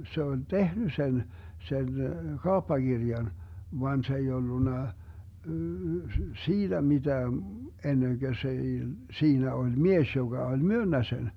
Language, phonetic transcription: Finnish, 'se oĺ "tehny 'sen , 'sen , "kaoppakirjan , van 'se ei 'ollunna , "siiDä 'miDää , enneŋGö s ‿ei , 'siinä oĺ "mies joGa oĺ "myönnä sen .
- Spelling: se oli tehnyt sen sen kauppakirjan vaan se ei ollut siitä mitään ennen kuin se ei siinä oli mies joka oli myynyt sen

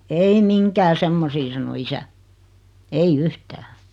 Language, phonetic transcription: Finnish, » ei "miŋkää 'semmosii « sano 'isä , "ei "yhtää .
- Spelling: ei mihinkään semmoisiin sanoi isä ei yhtään

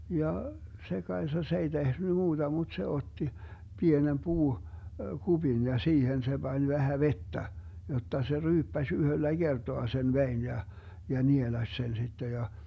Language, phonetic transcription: Finnish, 'ja , 'se 'Kaesa "se ei 'tehny 'muuDa muD se 'otti , 'pienem 'puu- , "kuBin ja 'siihen se 'Bań 'vähä "vettä , 'jotta se 'ryyppäś 'yhöllä "Gertoa sen "vein ja , ja nielaś sen sitte ja .
- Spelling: ja se Kaisa se ei tehnyt muuta mutta se otti pienen - puukupin ja siihen se pani vähän vettä jotta se ryyppäsi yhdellä kertaa sen veden ja ja nielaisi sen sitten ja

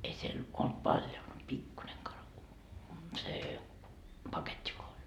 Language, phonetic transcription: Finnish, ei siel , olt "paĺjo mut 'pikkuneŋ kara- , see , "paket́t́i voa oĺ .
- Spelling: ei siellä ollut paljon mutta pikkuinen - se paketti vain oli

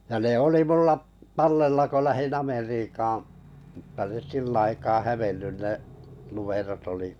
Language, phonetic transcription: Finnish, ja ne 'oli 'mulla’ , "tallella ko lähin 'Ameriikaaa̰ m̥tta nes 'sillᵃ̈ aikaa "hävennyn 'ne’ 'lumerot oli ,.
- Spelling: ja ne oli minulla tallella kun lähdin Amerikkaan mutta ne sillä aikaa hävinnyt ne numerot oli

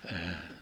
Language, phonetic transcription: Finnish, əh .
- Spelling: -

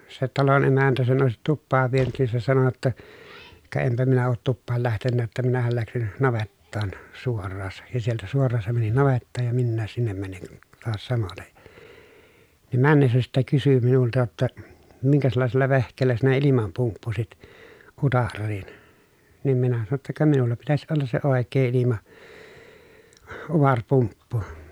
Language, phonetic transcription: Finnish, se talon emäntä sen òesit tuppaav vienyt nin se sano jotta , » ka empä minä oot tuppaal lähtennää ‿ttä minähäl läksin , navettaan , suorraasa » , ja sieltä suor̆raan se mäni navettaaj ja minnääs sinnem mäniŋ kuN , toas samotej (ja) , nim männessä sittek kysy minulta jotta , » miŋkäslàesella vehk̀eellä sinä ilimam pumppusit , utarriin ? » , niim minä sano ‿tta » ka minulla pitäs ollas se òek̀ee ilima- , uvarpumppu » .
- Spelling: se talon emäntä sen olisi tupaan vienyt niin se sanoi jotta ka enpä minä ole tupaan lähtenytkään että minähän lähdin navettaan suoraan ja sieltä suoraan se meni navettaan ja minäkin sinne menin kun taas samoiten ja niin mennessä sitten kysyi minulta jotta minkäslaisella vehkeellä sinä ilman pumppusit utareisiin niin minä sanoin jotta ka minulla pitäisi olla se oikea - ilmautarepumppu

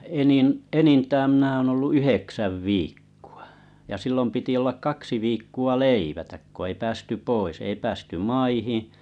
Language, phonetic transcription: Finnish, 'enin’ 'enintääm mⁱǹä oon ollu 'yheksäv "viikkᴜ₍ᴀ , ja 'sillom piti ollak 'kaksi viikku₍a "leivätäk ko ei 'päästy "pois ei 'päästy 'maihiⁱ̰ ,.
- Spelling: enin enintään minä olen ollut yhdeksän viikkoa ja silloin piti olla kaksi viikkoa leivättä kun ei päästy pois ei päästy maihin

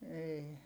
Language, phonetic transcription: Finnish, eei .
- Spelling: ei

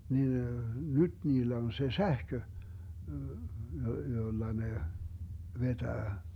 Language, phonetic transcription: Finnish, niin , "nyt 'niillä on 'se "sähkö , 'jolla 'ne , "vetää .
- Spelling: niin nyt niillä on se sähkö jolla ne vetää

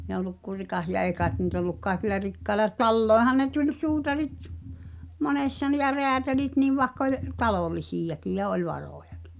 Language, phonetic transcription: Finnish, (e oluk kur̆ rikas) ja 'èi käet niit ‿olluk kaekila 'rikkaela , "tallòehan ne tuĺ "suutarit , 'monessa nⁱ ja 'reätälit niv 'vaᵉkk ‿oĺ , "talòlisijakij ja "oĺ 'varòjakɪ .
- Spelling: ei ollut kuin rikas ja ei kai niitä ollut kaikilla rikkailla taloihinhan ne tuli suutarit monessa ne ja räätälit niin vaikka oli talollisiakin ja oli varojakin

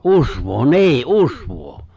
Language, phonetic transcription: Finnish, ’usvoo , "ni̬i̬’ , "’usvoo !
- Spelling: usvaa niin usvaa

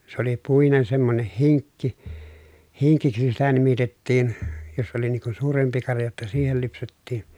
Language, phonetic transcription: Finnish, se ‿oli puinen semmoneh hiŋkki , hiŋkiksi sitä nimitettiin , jos oli niŋ kun̬ suurempi karja jotta siihel lypsettiiN .
- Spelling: se oli puinen semmoinen hinkki hinkiksi sitä nimitettiin jos oli niin kuin suurempi karja jotta siihen lypsettiin

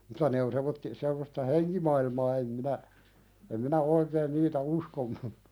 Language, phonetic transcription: Finnish, muta ne on semmotti- , semmosta "heŋkimailmaa em minä , em minä 'oikeen niitä "uskon̆nu .
- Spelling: mutta ne on semmoisia semmoista henkimaailmaa en minä en minä oikein niitä uskonut

